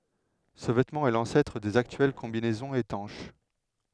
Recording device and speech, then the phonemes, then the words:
headset microphone, read sentence
sə vɛtmɑ̃ ɛ lɑ̃sɛtʁ dez aktyɛl kɔ̃binɛzɔ̃z etɑ̃ʃ
Ce vêtement est l'ancêtre des actuelles combinaisons étanches.

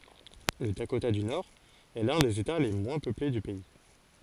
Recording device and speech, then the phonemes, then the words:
forehead accelerometer, read sentence
lə dakota dy noʁɛst lœ̃ dez eta le mwɛ̃ pøple dy pɛi
Le Dakota du Nord est l'un des États les moins peuplés du pays.

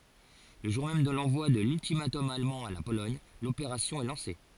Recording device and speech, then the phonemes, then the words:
forehead accelerometer, read sentence
lə ʒuʁ mɛm də lɑ̃vwa də lyltimatɔm almɑ̃ a la polɔɲ lopeʁasjɔ̃ ɛ lɑ̃se
Le jour même de l'envoi de l'ultimatum allemand à la Pologne, l'opération est lancée.

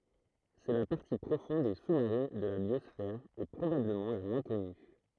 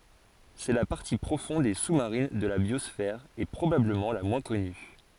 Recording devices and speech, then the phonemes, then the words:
throat microphone, forehead accelerometer, read sentence
sɛ la paʁti pʁofɔ̃d e su maʁin də la bjɔsfɛʁ e pʁobabləmɑ̃ la mwɛ̃ kɔny
C'est la partie profonde et sous-marine de la biosphère et probablement la moins connue.

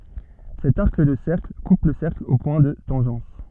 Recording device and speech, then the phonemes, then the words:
soft in-ear microphone, read sentence
sɛt aʁk də sɛʁkl kup lə sɛʁkl o pwɛ̃ də tɑ̃ʒɑ̃s
Cet arc de cercle coupe le cercle aux points de tangence.

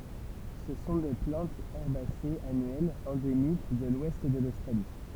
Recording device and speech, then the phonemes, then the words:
temple vibration pickup, read sentence
sə sɔ̃ de plɑ̃tz ɛʁbasez anyɛlz ɑ̃demik də lwɛst də lostʁali
Ce sont des plantes herbacées annuelles, endémiques de l'ouest de l'Australie.

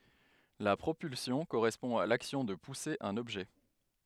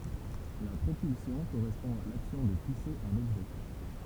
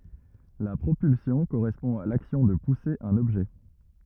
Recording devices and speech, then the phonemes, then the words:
headset microphone, temple vibration pickup, rigid in-ear microphone, read sentence
la pʁopylsjɔ̃ koʁɛspɔ̃ a laksjɔ̃ də puse œ̃n ɔbʒɛ
La propulsion correspond à l'action de pousser un objet.

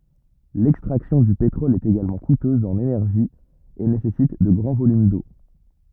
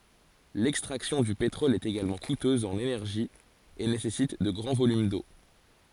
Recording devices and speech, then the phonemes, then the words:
rigid in-ear microphone, forehead accelerometer, read sentence
lɛkstʁaksjɔ̃ dy petʁɔl ɛt eɡalmɑ̃ kutøz ɑ̃n enɛʁʒi e nesɛsit də ɡʁɑ̃ volym do
L'extraction du pétrole est également coûteuse en énergie et nécessite de grands volumes d'eau.

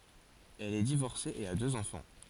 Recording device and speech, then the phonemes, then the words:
forehead accelerometer, read sentence
ɛl ɛ divɔʁse e a døz ɑ̃fɑ̃
Elle est divorcée et a deux enfants.

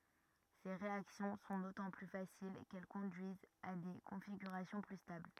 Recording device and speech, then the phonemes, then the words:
rigid in-ear microphone, read sentence
se ʁeaksjɔ̃ sɔ̃ dotɑ̃ ply fasil kɛl kɔ̃dyizt a de kɔ̃fiɡyʁasjɔ̃ ply stabl
Ces réactions sont d'autant plus faciles qu'elles conduisent à des configurations plus stables.

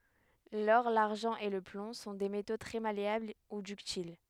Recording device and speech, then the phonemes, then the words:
headset microphone, read sentence
lɔʁ laʁʒɑ̃ e lə plɔ̃ sɔ̃ de meto tʁɛ maleabl u dyktil
L'or, l'argent et le plomb sont des métaux très malléables ou ductiles.

